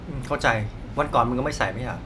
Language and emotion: Thai, frustrated